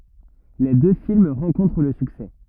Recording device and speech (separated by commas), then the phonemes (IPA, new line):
rigid in-ear microphone, read sentence
le dø film ʁɑ̃kɔ̃tʁ lə syksɛ